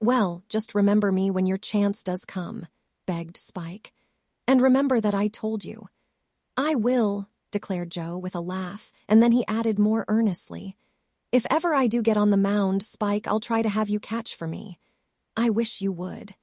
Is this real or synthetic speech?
synthetic